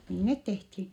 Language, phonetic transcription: Finnish, nii net tehthi .
- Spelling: niin ne tehtiin

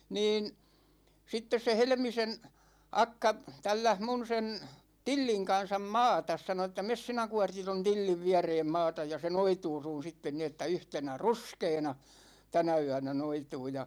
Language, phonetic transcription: Finnish, 'niin , 'sittes se 'Helᵉmisen̬ , 'akka , 'tälläh 'mun sen , "Tilliŋ 'kansam "maatas sano ‿ᵉttä » 'mes sinä 'Kuårti ton "Tilliv 'viäreem 'maataj ja se 'noituu sun̬ 'sitten ni että 'yhtenä "ruskeena , 'tänä 'yänä 'noituu « ja ,.
- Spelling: niin sitten se Helmisen akka tälläsi minun sen Tillin kanssa maata sanoi että mene sinä Kuortti tuon Tillin viereen maata ja se noituu sinun sitten niin että yhtenä ruskeana tänä yönä noituu ja

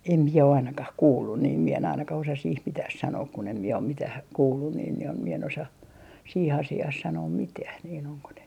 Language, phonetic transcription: Finnish, em mie ainakah 'kuullun niim mie en ainakah osa sih "mitäh 'sanook kun ‿em miɛ om 'mitäh , 'kuullun niin (niim) mie en osa , 'siih 'asi₍aah sanoom "mitäh niin ‿oŋko ne ,.
- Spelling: en minä ainakaan kuullut niin minä en ainakaan osaa siihen mitään sanoa kun en minä ole mitään kuullut niin niin minä en osaa siihen asiaan sanoa mitään niin onko ne

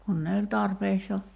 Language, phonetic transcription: Finnish, 'kun ne oĺ 'tarpeeks jo ,.
- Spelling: kun ne oli tarpeeksi jo

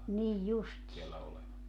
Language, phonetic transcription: Finnish, nij 'justii .
- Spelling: niin justiin

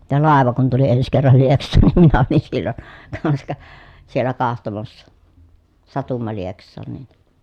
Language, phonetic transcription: Finnish, ja làeva kun tuli ens kerral Lieks̆saan nim minä olin sillon , kan(ska) , siellä kahtomassa , satumma Lieks̆saan niN .
- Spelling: ja laiva kun tuli ensi kerran Lieksaan niin minä olin silloin kanska siellä katsomassa satuimme Lieksaan niin

